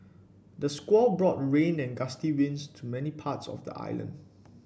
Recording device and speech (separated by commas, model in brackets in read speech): boundary microphone (BM630), read sentence